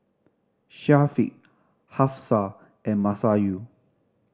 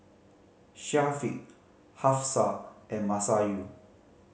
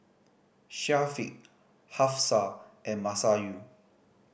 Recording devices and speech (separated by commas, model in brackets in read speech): standing microphone (AKG C214), mobile phone (Samsung C5010), boundary microphone (BM630), read sentence